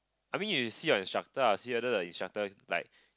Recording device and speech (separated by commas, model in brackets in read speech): close-talking microphone, conversation in the same room